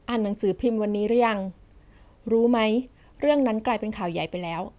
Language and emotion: Thai, neutral